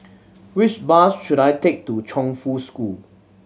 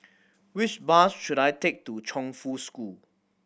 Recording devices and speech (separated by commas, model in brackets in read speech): mobile phone (Samsung C7100), boundary microphone (BM630), read sentence